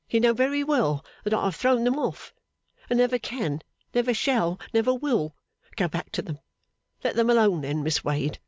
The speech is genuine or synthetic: genuine